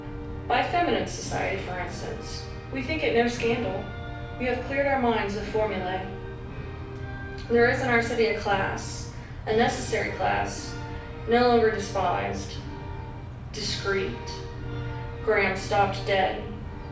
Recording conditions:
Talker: one person; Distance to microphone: 5.8 m; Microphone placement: far; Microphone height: 1.8 m; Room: medium-sized (5.7 m by 4.0 m); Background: music

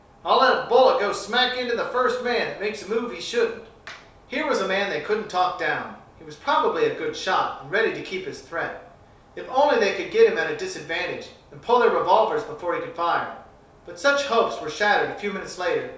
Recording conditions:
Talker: one person; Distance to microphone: 3.0 m; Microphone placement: far; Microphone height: 1.8 m; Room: small (3.7 m by 2.7 m); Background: none

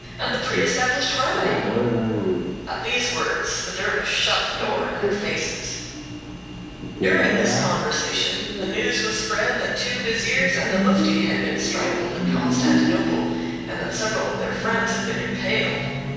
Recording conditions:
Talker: one person; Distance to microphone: 7.1 m; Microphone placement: far; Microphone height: 1.7 m; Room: very reverberant, large; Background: television

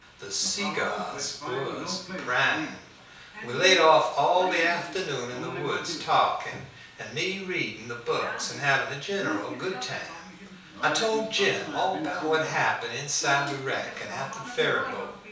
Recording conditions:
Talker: one person; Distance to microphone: 3.0 m; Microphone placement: far; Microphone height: 1.8 m; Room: small (3.7 m by 2.7 m); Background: television

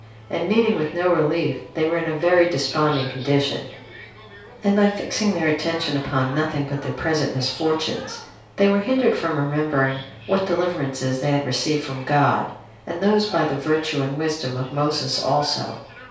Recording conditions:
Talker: one person; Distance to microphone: 3.0 m; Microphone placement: far; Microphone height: 1.8 m; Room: small (3.7 m by 2.7 m); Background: television

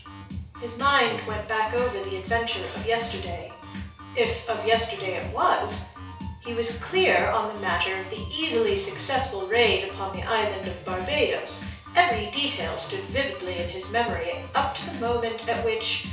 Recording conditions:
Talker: one person; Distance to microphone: 3.0 m; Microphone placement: far; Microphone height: 1.8 m; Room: small (3.7 m by 2.7 m); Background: music

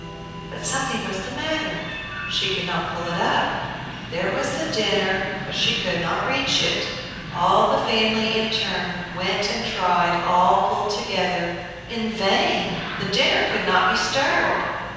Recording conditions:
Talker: one person; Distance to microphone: 7.1 m; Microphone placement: far; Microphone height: 1.7 m; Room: very reverberant, large; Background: television

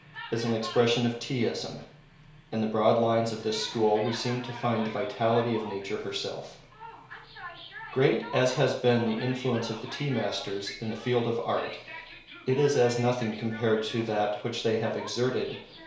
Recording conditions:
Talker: one person; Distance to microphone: 1.0 m; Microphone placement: close; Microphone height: 1.1 m; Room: small (3.7 m by 2.7 m); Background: television

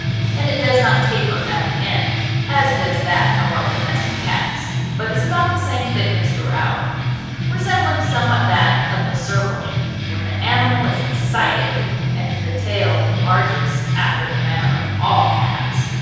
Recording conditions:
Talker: one person; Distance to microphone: 7.1 m; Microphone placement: far; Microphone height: 1.7 m; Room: very reverberant, large; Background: music

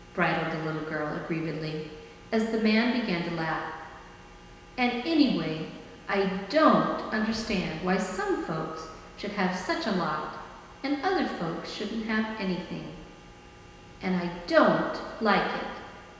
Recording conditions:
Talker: one person; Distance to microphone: 1.7 m; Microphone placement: close; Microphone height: 1.0 m; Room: very reverberant, large; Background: none

